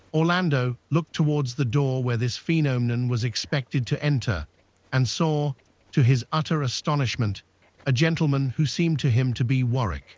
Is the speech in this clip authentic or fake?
fake